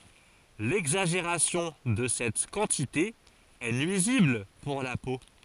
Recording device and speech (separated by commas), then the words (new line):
forehead accelerometer, read sentence
L'exagération de cette quantité est nuisible pour la peau.